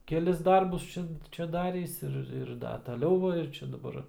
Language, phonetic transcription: Lithuanian, keˈlis ˈdarbus ˈčia ˈčia ˈdarįs ˈir ir ˈda taˈliau va ir ˈčia daˈbar

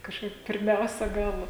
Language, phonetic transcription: Lithuanian, kažˈkaip pirˈmiausia ˈgal

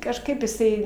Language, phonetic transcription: Lithuanian, kažˈkaip jiˈsai

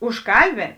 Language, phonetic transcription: Lithuanian, užˈkalˌbėn

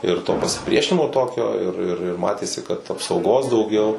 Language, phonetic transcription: Lithuanian, ir to pasiˈpriešinimo ˈtokio ir ir ir ˈmatėsi kad apsauˈgos dauˈgiau

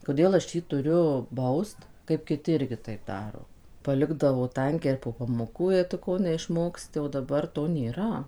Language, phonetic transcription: Lithuanian, koˈdėl aš ˈjį tuˈriu ˈbaust kaip kiˈti ˈirgi taip ˈdaro paˈlikdavo ˈtankiai ir po pamoˈkų jei tu ˈko neišˈmoksti o daˈbar to nėˈra

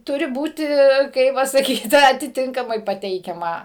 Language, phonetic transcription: Lithuanian, ˈturi ˈbūti ˈkaip va saˈkyt atiˈtinkamai paˈteikiama

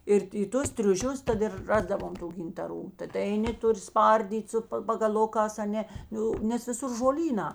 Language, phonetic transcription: Lithuanian, ir i ˈtus triuˈšius ˈtad ir ˈrasdavom ˈtų gintaˈrų taˈta eiˈni ˈtuˌri ˈspardyt' ˈsu ˈpa pagaˈlukās aˈne ˈjau nes viˈsur žoˈlynā

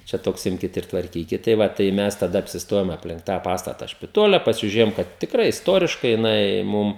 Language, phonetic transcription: Lithuanian, čia ˈtoks ˈimkit ir tvarˈkykit tai ˈva tai ˈmes taˈda apsisˈtojom apˈlink tą ˈpastata špiˈtole pasižiuˈrėjom ˈkad tikˈrai isˈtoriškai jiˈnai ˈmum

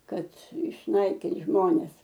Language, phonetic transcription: Lithuanian, ˈkad išˈnaikint ˈžmones

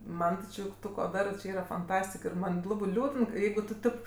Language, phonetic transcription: Lithuanian, ˈman ti ˈči ˈtu ko ˈdarɜ či ˈyra fanˈtastik ir ˈman ti ˈlabɜ ˈliūdən ˈjeigu tu ˈtip

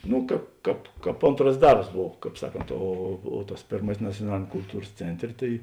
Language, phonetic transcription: Lithuanian, ˈnu ˈkāp ˈkāp ˈkāp ˈontras ˈdarbs ˈbov ˈkāp ˈsaˌkont o o tas ˈpėrmasis naciuoˈnalėniam kulˈtūrs ˈcenˌtrė tai

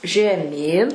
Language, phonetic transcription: Lithuanian, žeˈmyn

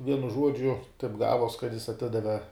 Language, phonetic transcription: Lithuanian, ˈvienu ˈžuodžiu taip ˈgavuos kad jis aˈtidave

